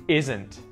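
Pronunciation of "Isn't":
In 'isn't', the T after the N is pronounced, not muted.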